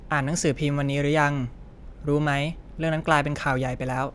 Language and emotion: Thai, neutral